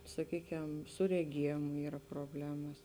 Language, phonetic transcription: Lithuanian, saˈkyˌkem su reˈgiejėmu ˈyra proˈblemas

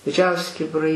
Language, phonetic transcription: Lithuanian, diˈdžiausi kibiˈrai

